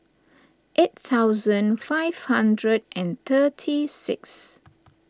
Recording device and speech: standing microphone (AKG C214), read sentence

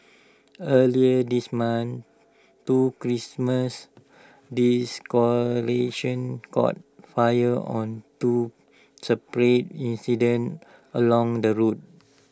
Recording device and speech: standing microphone (AKG C214), read sentence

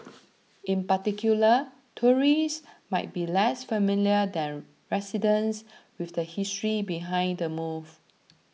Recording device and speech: mobile phone (iPhone 6), read sentence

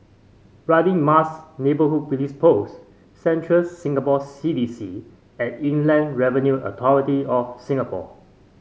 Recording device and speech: mobile phone (Samsung C5), read sentence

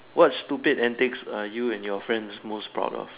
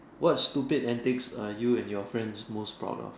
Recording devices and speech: telephone, standing microphone, conversation in separate rooms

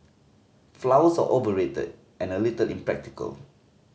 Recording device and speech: mobile phone (Samsung C5010), read sentence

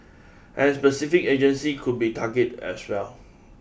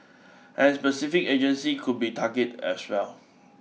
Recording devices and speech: boundary microphone (BM630), mobile phone (iPhone 6), read sentence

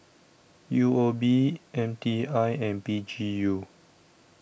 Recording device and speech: boundary microphone (BM630), read sentence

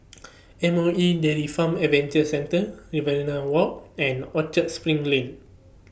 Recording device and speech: boundary microphone (BM630), read sentence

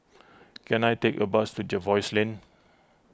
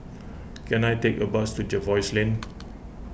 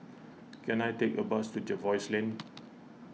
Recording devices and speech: close-talking microphone (WH20), boundary microphone (BM630), mobile phone (iPhone 6), read sentence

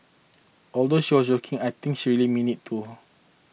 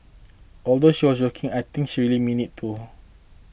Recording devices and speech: mobile phone (iPhone 6), boundary microphone (BM630), read sentence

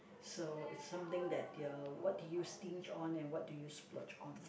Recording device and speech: boundary microphone, conversation in the same room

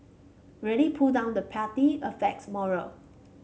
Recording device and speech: mobile phone (Samsung C5), read sentence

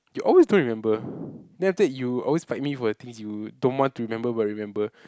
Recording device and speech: close-talking microphone, conversation in the same room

